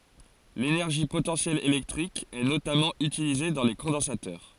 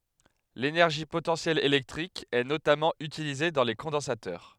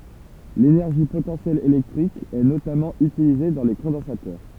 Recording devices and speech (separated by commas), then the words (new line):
forehead accelerometer, headset microphone, temple vibration pickup, read sentence
L’énergie potentielle électrique est notamment utilisée dans les condensateurs.